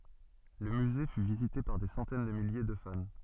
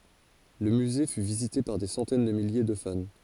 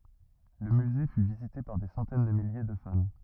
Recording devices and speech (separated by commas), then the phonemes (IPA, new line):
soft in-ear microphone, forehead accelerometer, rigid in-ear microphone, read sentence
lə myze fy vizite paʁ de sɑ̃tɛn də milje də fan